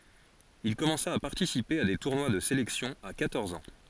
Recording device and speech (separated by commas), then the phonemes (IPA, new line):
forehead accelerometer, read sentence
il kɔmɑ̃sa a paʁtisipe a de tuʁnwa də selɛksjɔ̃ a kwatɔʁz ɑ̃